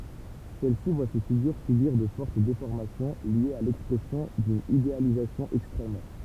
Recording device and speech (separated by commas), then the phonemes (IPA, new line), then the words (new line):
temple vibration pickup, read sentence
sɛl si vwa se fiɡyʁ sybiʁ də fɔʁt defɔʁmasjɔ̃ ljez a lɛkspʁɛsjɔ̃ dyn idealizasjɔ̃ ɛkstʁɛm
Celle-ci voit ses figures subir de fortes déformations liées à l'expression d'une idéalisation extrême.